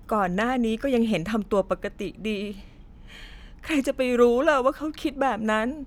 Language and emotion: Thai, sad